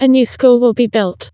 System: TTS, vocoder